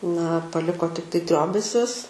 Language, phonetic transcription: Lithuanian, na paˈliko tikˈtai ˈtriobesius

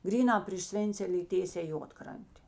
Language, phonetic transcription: Lithuanian, ˈgrynā priš ˈsvėncelė y ˈtėsē ˈjuodkrantė

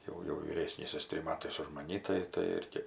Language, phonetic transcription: Lithuanian, ˈjau jau vyˈrėsnys ˈjis ˈtrim ˈmatais už maˈni tai tai ˈirgi

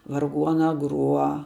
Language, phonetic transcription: Lithuanian, varˈguona ˈgruo

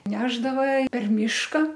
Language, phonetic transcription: Lithuanian, ˈnešdava per ˈmyška

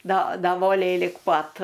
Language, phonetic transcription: Lithuanian, do do ˈvolei lig ˈpat

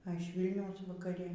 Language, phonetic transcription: Lithuanian, a iš ˈvylniaus vakaˈri

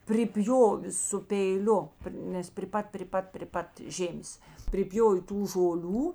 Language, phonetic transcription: Lithuanian, priˈpjovė su peiˈliu ˈnes pri ˈpat pri ˈpat pri ˈpat ˈžėmės priˈpjov' ˈtų žoˈlių

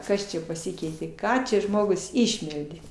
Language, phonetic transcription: Lithuanian, ˈkas čia paˈsikeitė ˈką čia ˈžmogus ˈišmeldė

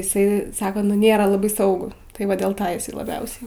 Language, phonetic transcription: Lithuanian, iˈsai ˈsako nu ˈnėra laˈbai ˈsaugu tai ˈva dėl ˈis laˈbiausiai

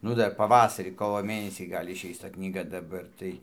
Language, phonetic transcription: Lithuanian, ˈnu ˈdar paˈvasarį ˈkovo ˈmėnesį ˈgal' išˈeis ta knyˈga daˈbar tai

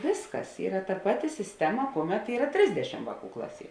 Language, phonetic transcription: Lithuanian, ˈvėsˌkas ˈyra ta ˈpaˌti sisˈtema ˈkuoˌmet ˈyra ˈtrisdešim ˈvāˌkų ˈklaˌsie

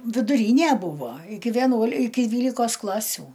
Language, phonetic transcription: Lithuanian, viduˈrynė ˈbūvo ˈiki vieˈnuol' ˈiki ˈdvylikos ˈklasiu

